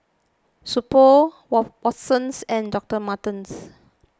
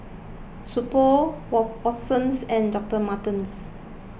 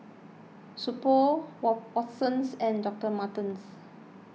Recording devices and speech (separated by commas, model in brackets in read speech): close-talking microphone (WH20), boundary microphone (BM630), mobile phone (iPhone 6), read sentence